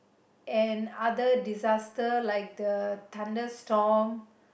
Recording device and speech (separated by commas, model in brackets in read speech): boundary microphone, conversation in the same room